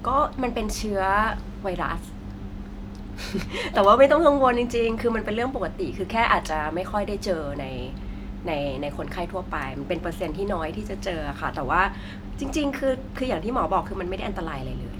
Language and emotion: Thai, happy